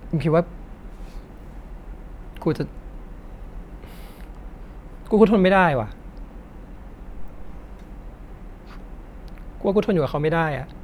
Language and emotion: Thai, sad